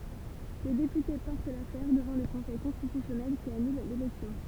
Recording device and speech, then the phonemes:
temple vibration pickup, read sentence
lə depyte pɔʁt lafɛʁ dəvɑ̃ lə kɔ̃sɛj kɔ̃stitysjɔnɛl ki anyl lelɛksjɔ̃

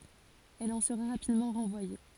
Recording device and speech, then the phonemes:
forehead accelerometer, read sentence
ɛl ɑ̃ səʁa ʁapidmɑ̃ ʁɑ̃vwaje

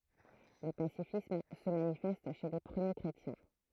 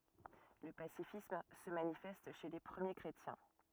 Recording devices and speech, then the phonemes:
throat microphone, rigid in-ear microphone, read sentence
lə pasifism sə manifɛst ʃe le pʁəmje kʁetjɛ̃

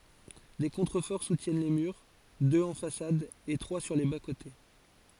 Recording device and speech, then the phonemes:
forehead accelerometer, read sentence
de kɔ̃tʁəfɔʁ sutjɛn le myʁ døz ɑ̃ fasad e tʁwa syʁ le baskote

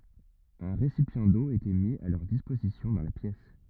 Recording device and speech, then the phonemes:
rigid in-ear microphone, read sentence
œ̃ ʁesipjɑ̃ do etɛ mi a lœʁ dispozisjɔ̃ dɑ̃ la pjɛs

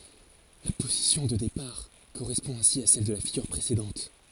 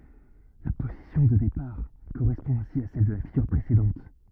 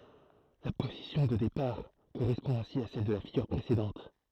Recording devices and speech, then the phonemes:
forehead accelerometer, rigid in-ear microphone, throat microphone, read sentence
la pozisjɔ̃ də depaʁ koʁɛspɔ̃ ɛ̃si a sɛl də la fiɡyʁ pʁesedɑ̃t

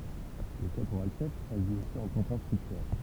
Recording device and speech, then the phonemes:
temple vibration pickup, read sentence
lə kapoʁalʃɛf aʒi osi ɑ̃ tɑ̃ kɛ̃stʁyktœʁ

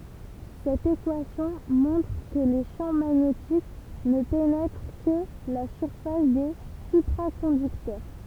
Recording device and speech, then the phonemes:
temple vibration pickup, read sentence
sɛt ekwasjɔ̃ mɔ̃tʁ kə le ʃɑ̃ maɲetik nə penɛtʁ kə la syʁfas de sypʁakɔ̃dyktœʁ

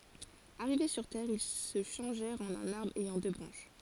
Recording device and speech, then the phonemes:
forehead accelerometer, read sentence
aʁive syʁ tɛʁ il sə ʃɑ̃ʒɛʁt ɑ̃n œ̃n aʁbʁ ɛjɑ̃ dø bʁɑ̃ʃ

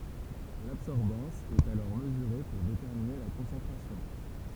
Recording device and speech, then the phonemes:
temple vibration pickup, read sentence
labsɔʁbɑ̃s ɛt alɔʁ məzyʁe puʁ detɛʁmine la kɔ̃sɑ̃tʁasjɔ̃

